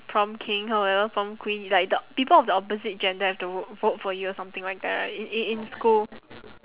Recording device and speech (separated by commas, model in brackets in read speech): telephone, conversation in separate rooms